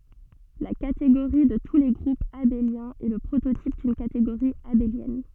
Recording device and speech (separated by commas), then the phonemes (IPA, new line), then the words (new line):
soft in-ear microphone, read sentence
la kateɡoʁi də tu le ɡʁupz abeljɛ̃z ɛ lə pʁototip dyn kateɡoʁi abeljɛn
La catégorie de tous les groupes abéliens est le prototype d'une catégorie abélienne.